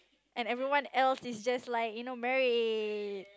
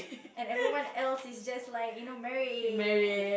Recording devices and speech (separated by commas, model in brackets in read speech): close-talking microphone, boundary microphone, conversation in the same room